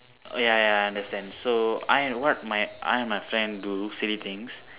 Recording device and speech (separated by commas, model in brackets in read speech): telephone, conversation in separate rooms